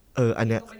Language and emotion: Thai, neutral